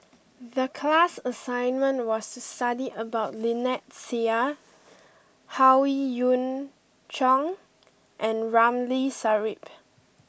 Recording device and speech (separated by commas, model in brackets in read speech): boundary microphone (BM630), read sentence